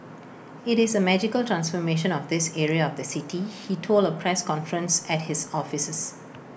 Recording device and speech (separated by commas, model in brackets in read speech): boundary microphone (BM630), read sentence